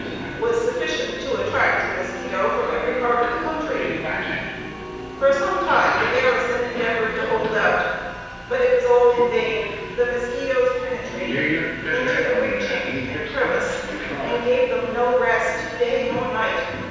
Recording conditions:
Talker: one person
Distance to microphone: 7.1 m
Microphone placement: far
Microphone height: 1.7 m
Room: very reverberant, large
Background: television

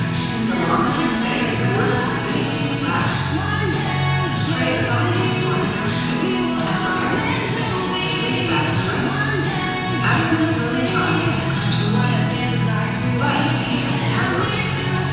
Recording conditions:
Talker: one person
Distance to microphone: 7.1 m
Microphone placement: far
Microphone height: 1.7 m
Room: very reverberant, large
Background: music

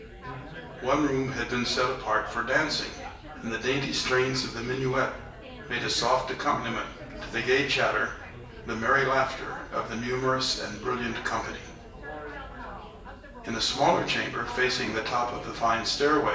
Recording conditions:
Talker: one person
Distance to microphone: 1.8 m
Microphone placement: close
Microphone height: 1.0 m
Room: large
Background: babble

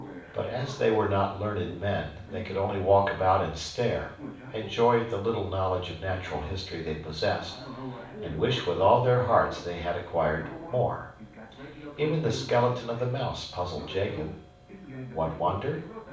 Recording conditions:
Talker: one person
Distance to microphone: 5.8 m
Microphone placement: far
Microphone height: 1.8 m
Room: medium-sized (5.7 m by 4.0 m)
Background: television

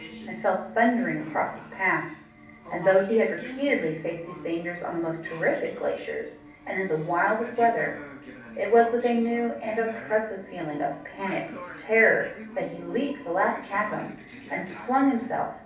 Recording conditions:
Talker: one person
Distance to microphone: 5.8 m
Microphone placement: far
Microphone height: 1.8 m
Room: medium-sized (5.7 m by 4.0 m)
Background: television

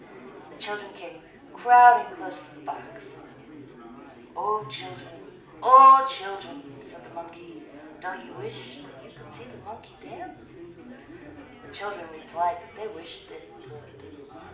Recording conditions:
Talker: one person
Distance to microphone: 2.0 m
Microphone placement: close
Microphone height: 99 cm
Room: medium-sized (5.7 m by 4.0 m)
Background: babble

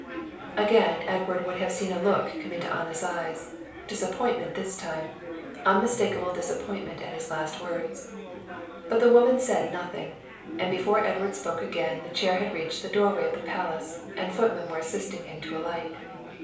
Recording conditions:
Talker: one person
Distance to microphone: 3.0 m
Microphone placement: far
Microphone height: 1.8 m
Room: small (3.7 m by 2.7 m)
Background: babble

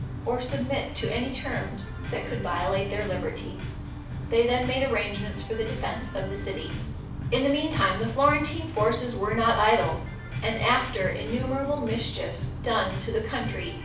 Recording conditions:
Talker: one person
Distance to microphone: 5.8 m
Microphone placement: far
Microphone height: 1.8 m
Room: medium-sized (5.7 m by 4.0 m)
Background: music

